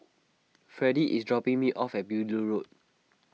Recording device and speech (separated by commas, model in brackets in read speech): mobile phone (iPhone 6), read sentence